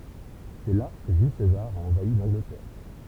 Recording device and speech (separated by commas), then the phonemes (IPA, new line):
temple vibration pickup, read sentence
sɛ la kə ʒyl sezaʁ a ɑ̃vai lɑ̃ɡlətɛʁ